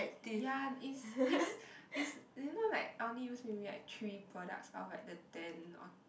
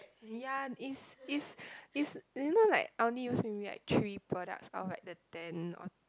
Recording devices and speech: boundary microphone, close-talking microphone, conversation in the same room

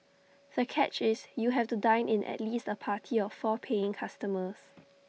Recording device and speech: mobile phone (iPhone 6), read sentence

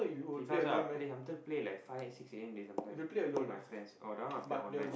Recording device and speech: boundary microphone, conversation in the same room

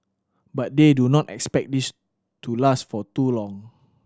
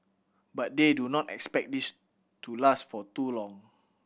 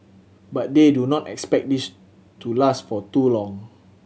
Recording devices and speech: standing microphone (AKG C214), boundary microphone (BM630), mobile phone (Samsung C7100), read sentence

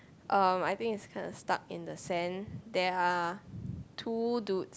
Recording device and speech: close-talking microphone, conversation in the same room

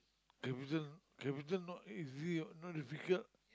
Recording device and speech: close-talking microphone, conversation in the same room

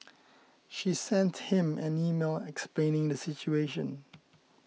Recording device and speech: mobile phone (iPhone 6), read sentence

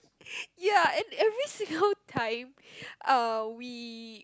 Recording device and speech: close-talking microphone, conversation in the same room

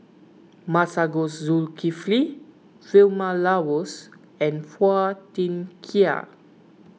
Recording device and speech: mobile phone (iPhone 6), read sentence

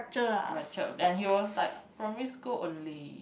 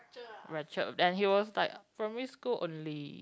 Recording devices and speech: boundary microphone, close-talking microphone, conversation in the same room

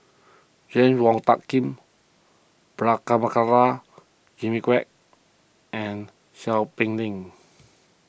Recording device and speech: boundary microphone (BM630), read sentence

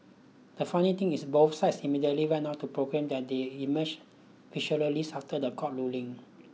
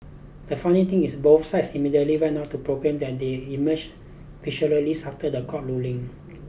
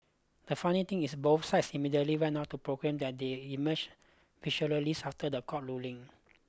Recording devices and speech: mobile phone (iPhone 6), boundary microphone (BM630), close-talking microphone (WH20), read sentence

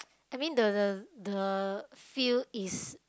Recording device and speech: close-talking microphone, conversation in the same room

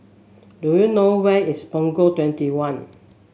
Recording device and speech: mobile phone (Samsung S8), read sentence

